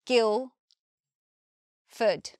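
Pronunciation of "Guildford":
In 'Guildford', the d at the end of 'Guild' is not heard. The second part is not said as 'ford' but with a schwa.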